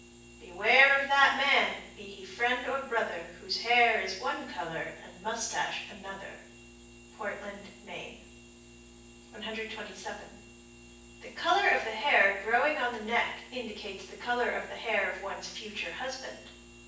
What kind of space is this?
A large room.